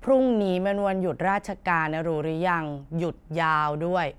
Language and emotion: Thai, frustrated